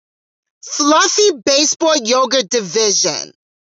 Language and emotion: English, angry